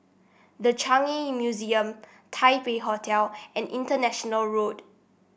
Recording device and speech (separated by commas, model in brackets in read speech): boundary microphone (BM630), read sentence